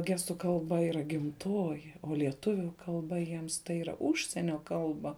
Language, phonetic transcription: Lithuanian, ˈgestu kalˈba yˈra gimˈtoji o lieˈtuviu kalˈba jiems tai yˈra ˈužsienio ˈkalba

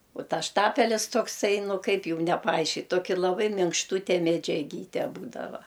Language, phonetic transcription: Lithuanian, u ˈtas ˈštapelis tokˈsai ˈnu ˈkaip ˈjūm nepaˈaiškit ˈtoki laˈbai minkšˈtūte medžiaˈgyte ˈbūdava

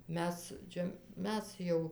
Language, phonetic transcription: Lithuanian, ˈmes ˈčia ˈmes jau

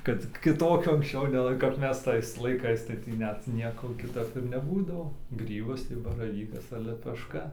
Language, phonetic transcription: Lithuanian, kad kiˈtokio anksˈčiau neˈlai kap ˈmes ˈtais laiˈkais tai ˈtį ˈnet ˈnieko kiˈtap ir neˈbūdavo ˈgrybas tai baraˈvykas ar lepešˈka

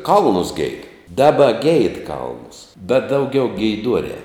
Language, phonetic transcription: Lithuanian, ˈkalnus geid ˈdaba geid ˈkalnus bet dauˈgiau geiˈduorē

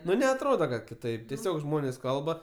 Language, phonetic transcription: Lithuanian, ˈnu neatˈroda kad kiˈtaip teˈsiog ˈžmonės ˈkalba

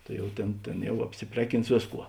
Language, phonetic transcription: Lithuanian, ˈtai jau tėn ˈtėn ˈjau apsiˈpreˌkins ˈvėsˌkuo

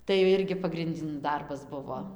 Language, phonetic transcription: Lithuanian, tai jau ˈirgi pagrinˈdin ˈdarbas ˈbuvo

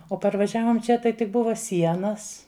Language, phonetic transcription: Lithuanian, o parvaˈžiavom ˈčia tai tik ˈbuva ˈsienas

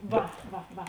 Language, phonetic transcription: Lithuanian, ˈva ˈva ˈva

